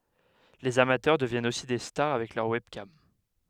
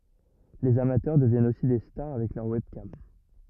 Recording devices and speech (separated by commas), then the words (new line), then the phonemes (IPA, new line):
headset microphone, rigid in-ear microphone, read sentence
Les amateurs deviennent aussi des stars avec leur webcam.
lez amatœʁ dəvjɛnt osi de staʁ avɛk lœʁ wɛbkam